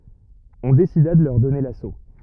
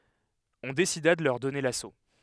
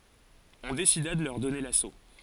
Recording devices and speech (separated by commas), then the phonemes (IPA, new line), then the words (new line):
rigid in-ear microphone, headset microphone, forehead accelerometer, read sentence
ɔ̃ desida də lœʁ dɔne laso
On décida de leur donner l'assaut.